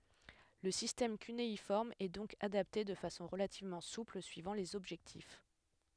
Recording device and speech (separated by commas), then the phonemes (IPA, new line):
headset microphone, read sentence
lə sistɛm kyneifɔʁm ɛ dɔ̃k adapte də fasɔ̃ ʁəlativmɑ̃ supl syivɑ̃ lez ɔbʒɛktif